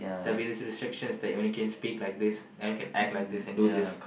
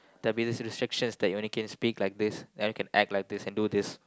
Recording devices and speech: boundary microphone, close-talking microphone, conversation in the same room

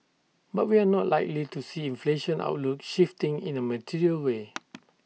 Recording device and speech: mobile phone (iPhone 6), read sentence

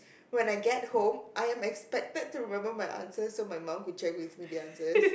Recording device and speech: boundary microphone, conversation in the same room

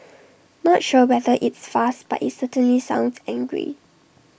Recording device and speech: boundary microphone (BM630), read sentence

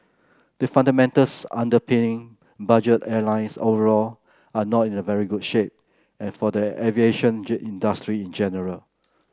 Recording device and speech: close-talking microphone (WH30), read sentence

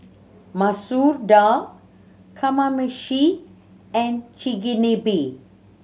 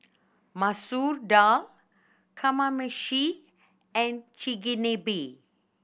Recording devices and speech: mobile phone (Samsung C7100), boundary microphone (BM630), read sentence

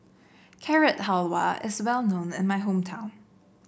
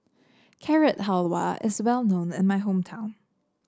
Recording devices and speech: boundary microphone (BM630), standing microphone (AKG C214), read sentence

